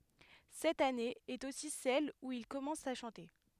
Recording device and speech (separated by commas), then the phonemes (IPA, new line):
headset microphone, read sentence
sɛt ane ɛt osi sɛl u il kɔmɑ̃s a ʃɑ̃te